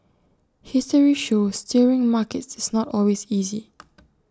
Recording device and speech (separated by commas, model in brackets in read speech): standing microphone (AKG C214), read sentence